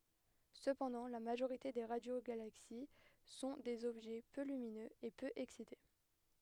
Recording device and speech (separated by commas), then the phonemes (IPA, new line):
headset microphone, read sentence
səpɑ̃dɑ̃ la maʒoʁite de ʁadjoɡalaksi sɔ̃ dez ɔbʒɛ pø lyminøz e pø ɛksite